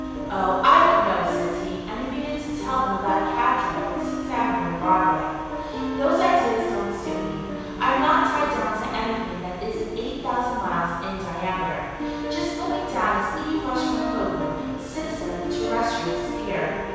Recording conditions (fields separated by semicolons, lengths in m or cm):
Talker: one person; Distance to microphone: 7.1 m; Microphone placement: far; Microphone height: 1.7 m; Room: very reverberant, large; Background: music